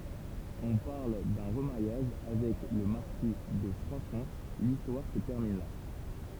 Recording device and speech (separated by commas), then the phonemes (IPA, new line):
temple vibration pickup, read sentence
ɔ̃ paʁl dœ̃ ʁəmaʁjaʒ avɛk lə maʁki də fʁwadfɔ̃ listwaʁ sə tɛʁmin la